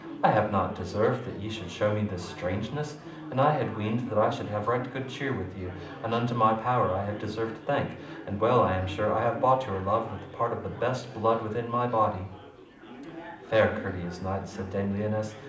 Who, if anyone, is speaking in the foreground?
One person.